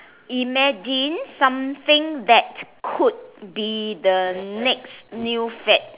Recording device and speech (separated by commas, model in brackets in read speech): telephone, conversation in separate rooms